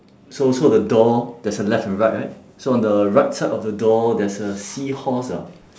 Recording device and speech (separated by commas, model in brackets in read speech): standing microphone, conversation in separate rooms